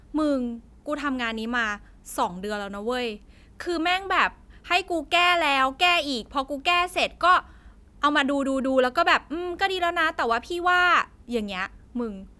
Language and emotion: Thai, frustrated